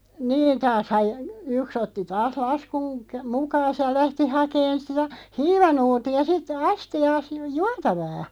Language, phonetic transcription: Finnish, 'niin taashaʲ j- , 'yks ‿otti taas 'laskuŋ kä- , "mukaas ja "lähti 'hakeen sitᴀ̈ , "hiivanuuti₍a 'sit , "asti₍aas ju- "juatavaa .
- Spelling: niin taashan - yksi otti taas laskun - mukaansa ja lähti hakemaan sitä hiivanuuttia sitten astiaansa - juotavaa

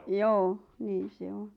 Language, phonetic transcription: Finnish, joo , 'niin̬ se 'oɴ .
- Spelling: joo niin se on

